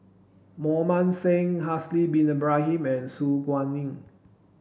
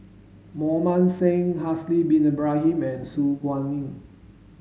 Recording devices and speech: boundary microphone (BM630), mobile phone (Samsung S8), read sentence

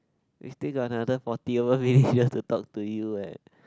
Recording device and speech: close-talking microphone, conversation in the same room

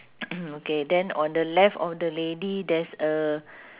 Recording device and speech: telephone, conversation in separate rooms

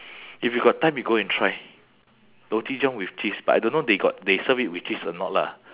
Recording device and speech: telephone, conversation in separate rooms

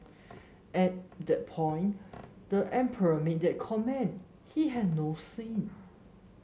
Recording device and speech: mobile phone (Samsung S8), read sentence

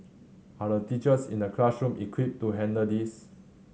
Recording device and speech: mobile phone (Samsung C7100), read sentence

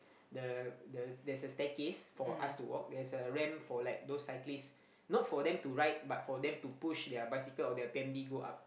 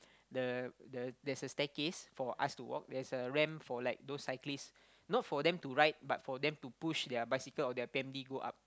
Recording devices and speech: boundary microphone, close-talking microphone, conversation in the same room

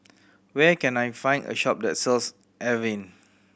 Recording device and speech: boundary microphone (BM630), read sentence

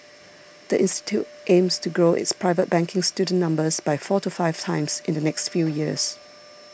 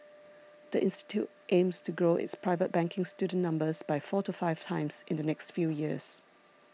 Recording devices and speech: boundary microphone (BM630), mobile phone (iPhone 6), read sentence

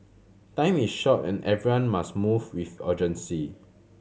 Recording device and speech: mobile phone (Samsung C7100), read sentence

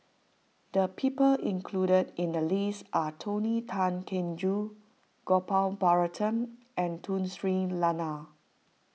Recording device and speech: mobile phone (iPhone 6), read sentence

